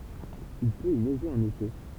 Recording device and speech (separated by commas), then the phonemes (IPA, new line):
temple vibration pickup, read sentence
il pøt i nɛʒe ɑ̃n ete